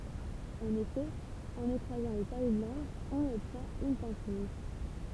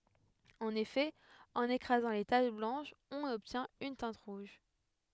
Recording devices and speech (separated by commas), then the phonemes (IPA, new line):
temple vibration pickup, headset microphone, read sentence
ɑ̃n efɛ ɑ̃n ekʁazɑ̃ le taʃ blɑ̃ʃz ɔ̃n ɔbtjɛ̃t yn tɛ̃t ʁuʒ